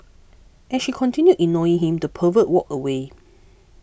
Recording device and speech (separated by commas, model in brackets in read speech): boundary microphone (BM630), read sentence